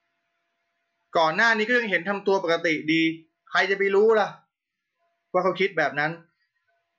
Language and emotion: Thai, frustrated